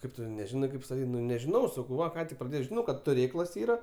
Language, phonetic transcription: Lithuanian, ˈkaip tu neˈžinai ˈkaip staˈtyt' ˈnu nežiˈnau saˈkau ˈva ˈką tik praˈdėjau žiˈnau ˈkad tuˈrėklas ˈyra

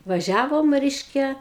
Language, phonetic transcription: Lithuanian, vaˈžiavom ˈreiškia

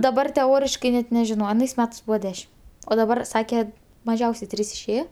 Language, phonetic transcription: Lithuanian, daˈbar teˈoriškai ˈnet neˈžino aˈnais ˈmetais ˈbūva ˈdešim o daˈbar ˈsake maˈžiausiai ˈtrys išˈėjo

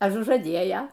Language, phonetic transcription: Lithuanian, ažužaˈdėja

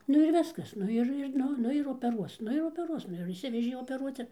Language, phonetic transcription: Lithuanian, ˈnu ir ˈviskas ˈnu ir ir ˈnu ˈnu ir opeˈruos ˈnu ir opeˈruos ˈnu jau išˈsivežė opeˈruoc ir

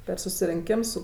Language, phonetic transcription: Lithuanian, per susirinˈkims ˈsu

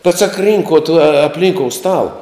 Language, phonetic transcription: Lithuanian, bet sak ˈrynkot a apˈlynkou ˈstala

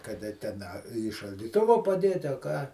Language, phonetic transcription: Lithuanian, kaˈda ten ˈa į šaldyˈtuvo paˈdėti a ˈką

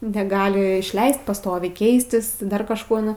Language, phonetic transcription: Lithuanian, neˈgali išˈleist paˈstoviai ˈkeistis ˈdar kažˈko ˈnu

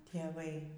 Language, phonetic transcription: Lithuanian, tėˈvai

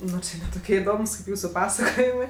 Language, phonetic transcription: Lithuanian, ˈnu či ne ˈtokie iˈdomus kaip ˈjūsu ˈpasakojimɜ

